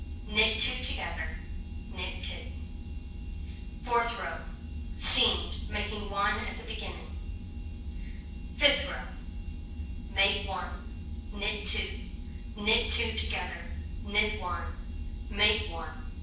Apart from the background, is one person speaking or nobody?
One person.